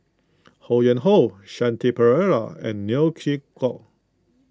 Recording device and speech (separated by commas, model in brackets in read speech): close-talking microphone (WH20), read sentence